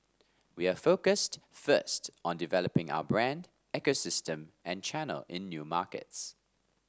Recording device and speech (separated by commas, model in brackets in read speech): standing microphone (AKG C214), read sentence